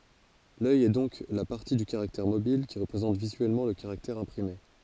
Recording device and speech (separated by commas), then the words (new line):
forehead accelerometer, read sentence
L’œil est donc la partie du caractère mobile qui représente visuellement le caractère imprimé.